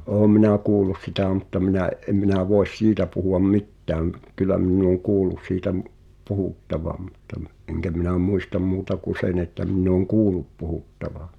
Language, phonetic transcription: Finnish, 'oom minä "kuulus 'sitä̀ mutta minä̀’ , ’em minä̀ 'voes "siitä puhu₍am 'mit̀tääm , kyllä minn ‿ooŋ 'kuul̆lus siitä m- , "puhùttavam mutta m- , ’eŋkä minä "muistam 'muuta ku 'sen ‿että minn ‿ooŋ "kuulup puhùttava .
- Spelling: olen minä kuullut sitä mutta minä en minä voi siitä puhua mitään kyllä minä olen kuullut siitä - puhuttavan mutta - enkä minä muista muuta kuin sen että minä olen kuullut puhuttavan

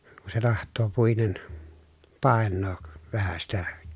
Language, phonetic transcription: Finnish, ku se taht̀oo puinen , pàennook , vähä sitä .
- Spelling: kun se tahtoo puinen painaa vähän sitä

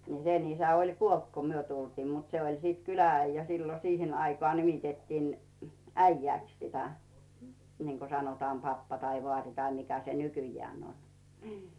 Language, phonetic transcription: Finnish, ni 'sen ‿isä oĺ "kuolt ko myö 'tultiim mut 'se oĺ sit "kylä₍'äijjä sillo 'siihen ‿aikŏà nimitettiin , "äijjä̀ks 'sitä , niŋko 'sanotaam "pappa tai "vᵒàri tai 'mikä se "nykyjjään ‿on , ɴɪɪ .
- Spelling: niin sen isä oli kuollut kun me tultiin mutta se oli sitten kylä-äijä silloin siihen aikaan nimitettiin äijäksi sitä niin kuin sanotaan pappa tai vaari tai mikä se nykyään on niin

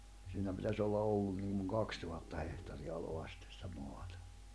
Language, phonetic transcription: Finnish, siinä pitäs ‿olla 'ollun niŋɢuŋ 'kakstuhatta 'hehtari₍aloa sɪttᴇ sᴵtᴀ̈ 'moatᴀ .
- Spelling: siinä pitäisi olla ollut niin kuin kaksituhatta hehtaarinalaa sitten sitä maata

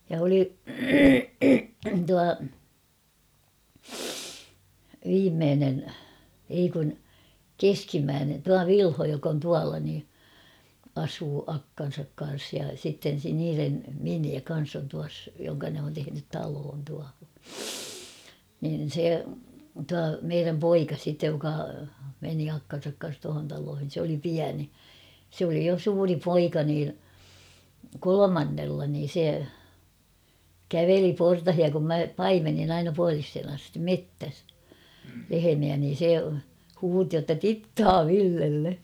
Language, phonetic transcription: Finnish, ja oli , 'tua , 'viimmeenen , ei kun , "keskimmäänen tua "Vilho jok on 'tuala nii , 'asuu 'akkan̬sak kan̬s ja sitten̬ se niirem 'miniä 'kan̬s on tuas , jo(ho)ŋka ne on tehenyt 'taloon tuaho , nin̬ 'se , tua 'meiräm "poika sittej joka , meni 'akkan̬sak kan̬s tuahon taloohin̬ sᵉ ‿oli 'piäni , sᵉ ‿oli jo 'suuri "poika nin̬ , "kolomannella niin̬ 'se , "käveli 'portahia kum 'mä "paimennin ‿aina 'pualishen ‿astim "mettäs , 'lehemiä niin̬ 'se , 'huuti jotta » "tittaa 'Villelle ! «
- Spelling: ja oli tuo viimeinen ei kun keskimmäinen tuo Vilho joka on tuolla niin asuu akkansa kanssa ja sitten se niiden miniä kanssa on tuossa johon ne on tehnyt talon tuohon niin se tuo meidän poika sitten joka meni akkansa kanssa tuohon taloihin se oli pieni se oli jo suuri poika niin kolmannella niin se käveli portaita kun minä paimensin aina puoliseen asti metsässä lehmiä niin se huusi jotta tittaa Villelle

